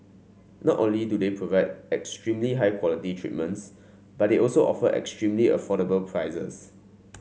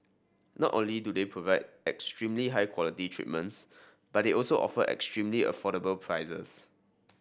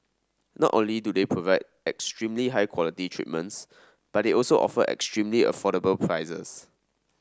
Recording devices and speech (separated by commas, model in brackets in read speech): mobile phone (Samsung C5), boundary microphone (BM630), standing microphone (AKG C214), read sentence